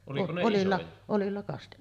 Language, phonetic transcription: Finnish, 'olilla , 'olilla kast- ,.
- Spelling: oljilla oljilla -

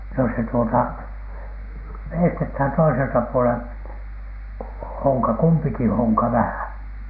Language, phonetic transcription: Finnish, no se tuota , 'veistethän toiselta puolen , 'hoŋka , "kumpiki "hoŋka 'vähä̀N .
- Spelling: no se tuota veistetään toiselta puolen honka kumpikin honka vähän

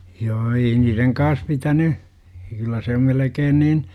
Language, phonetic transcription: Finnish, 'joo 'ei niireŋ kaas 'pitäny , kyllä se om melekeen 'niin , .
- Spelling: joo ei niiden kanssa pitänyt kyllä se on melkein niin

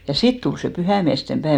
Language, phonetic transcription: Finnish, ja "sit tul se 'pyhä̀miäste 'päev ,.
- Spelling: ja sitten tuli se pyhäinmiesten päivä

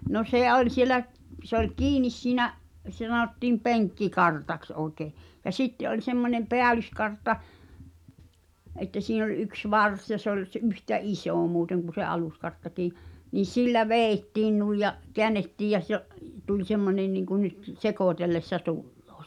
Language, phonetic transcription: Finnish, no "sè oĺ 'sielä’ , p- se ‿oĺ "kiinis siinä’ , (sⁱᵗᵃ̈) sᵃnottiim "peŋkki'kartaks '’ooᵉkè , ja 'sitte ’oĺ semmońem "peälyskartta , ’että siin ‿oĺ 'yks "vars ja se ‿oĺ s- '’yhtä "’isò muuteŋ kuⁿ̬ se 'aluskarttakii , nii 'sillä "veeⁱttiin nuij ja , "keännettiij jä se’ , tuĺ 'semmonen nìŋku nyt , "sekòtellessa 'tulloo .
- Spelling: no se oli siellä - se oli kiinni siinä sitä sanottiin penkkikartaksi oikein ja sitten oli semmoinen päällyskartta että siinä oli yksi varsi ja se oli - yhtä iso muuten kuin se aluskarttakin niin sillä vedettiin noin ja käännettiin ja se tuli semmoinen niin kuin nyt sekoitellessa tulee

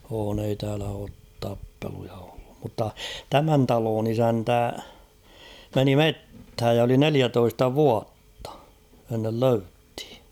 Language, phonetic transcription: Finnish, oon ‿ei 'täälä oot tappeluja ᴏʟʟᴜᴍ mutta , "tämän 'taloon "isäntä , 'meni "metthäj ja oli "neliätoista "vuattᴀ , ennel 'löythɪ .
- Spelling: on ei täällä ole tappeluita ollut mutta tämän talon isäntä meni metsään ja oli neljätoista vuotta ennen löydettiin

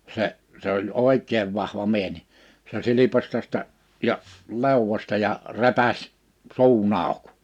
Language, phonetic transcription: Finnish, 'se' , se ‿oĺ "òik̆keev 'vahva 'mie(s) ni , se 'silipas 'tästä , 'ja , 'lèowwośta ja , 'repäś , 'suu'n ‿àuk .
- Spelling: se se oli oikein vahva mies niin se silpaisi tästä ja leuasta ja repäisi suun auki

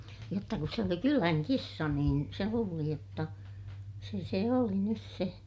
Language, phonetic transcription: Finnish, jotta kus se oli kyläŋ kissa niin , se luuli jotta , se se oli nys se .
- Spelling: jotta kun se oli kylän kissa niin se luuli jotta se se oli nyt se

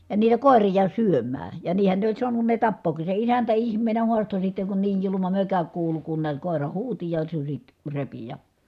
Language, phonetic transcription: Finnish, ja niitä kòerija syöm̀ää » , ja niihä ne oĺ suanun ne tappooki , se isäntä ihm̆meenä huasto » sitteŋ kun niij juluma mökä kuulu kun niät kòera huuti ja suśit , repi ja ,.
- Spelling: ja niitä koiria syömään ja niinhän ne oli saanut ne tappaakin se isäntä ihmeenä haastoi sitten kun niin julma mökä kuului kun näet koira huusi ja sudet repi ja

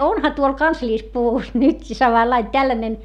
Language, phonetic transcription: Finnish, onha tuol kansliispuvus nytki samallain tällänen .
- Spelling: onhan tuolla kansallispuvussa nytkin samanlainen tällainen

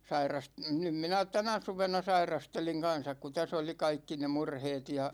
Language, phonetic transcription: Finnish, 'sairas- , 'nym minä "tänä 'suvena 'sairasteliŋ 'kansak ku täs ‿oli "kaikki ne 'murheet ja ,.
- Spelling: - nyt minä tänä suvena sairastelin kanssa kun tässä oli kaikki ne murheet ja

